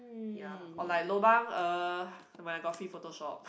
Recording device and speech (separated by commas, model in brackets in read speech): boundary microphone, conversation in the same room